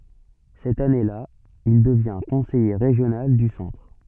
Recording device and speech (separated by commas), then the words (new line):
soft in-ear microphone, read sentence
Cette année-là, il devient conseiller régional du Centre.